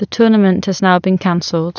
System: none